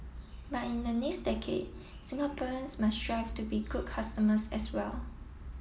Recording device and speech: mobile phone (iPhone 7), read sentence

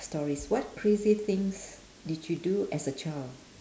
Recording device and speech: standing microphone, conversation in separate rooms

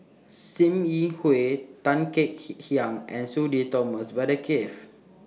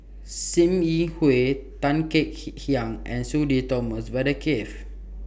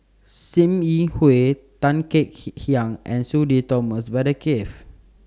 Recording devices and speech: mobile phone (iPhone 6), boundary microphone (BM630), standing microphone (AKG C214), read sentence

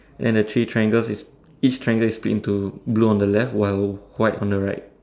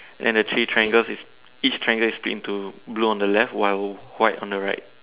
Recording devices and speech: standing microphone, telephone, conversation in separate rooms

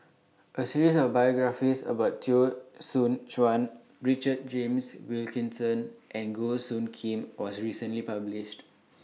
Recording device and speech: mobile phone (iPhone 6), read sentence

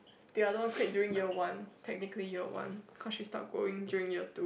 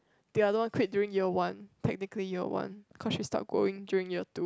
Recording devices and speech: boundary microphone, close-talking microphone, conversation in the same room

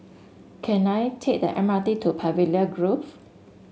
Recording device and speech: mobile phone (Samsung S8), read sentence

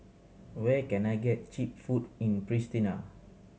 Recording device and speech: mobile phone (Samsung C7100), read sentence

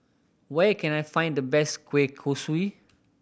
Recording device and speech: boundary microphone (BM630), read sentence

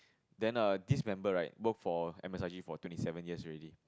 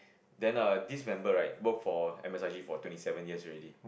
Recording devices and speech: close-talking microphone, boundary microphone, conversation in the same room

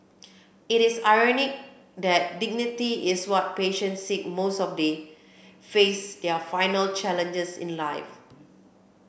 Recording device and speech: boundary microphone (BM630), read sentence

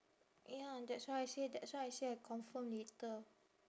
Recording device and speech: standing microphone, conversation in separate rooms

